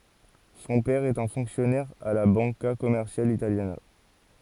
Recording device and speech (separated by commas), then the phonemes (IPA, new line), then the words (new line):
forehead accelerometer, read sentence
sɔ̃ pɛʁ ɛt œ̃ fɔ̃ksjɔnɛʁ a la bɑ̃ka kɔmɛʁsjal italjana
Son père est un fonctionnaire à la Banca Commerciale Italiana.